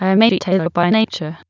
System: TTS, waveform concatenation